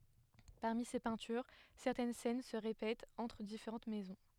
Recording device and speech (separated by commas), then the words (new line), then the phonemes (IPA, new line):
headset microphone, read sentence
Parmi ces peintures, certaines scènes se répètent entre différentes maisons.
paʁmi se pɛ̃tyʁ sɛʁtɛn sɛn sə ʁepɛtt ɑ̃tʁ difeʁɑ̃t mɛzɔ̃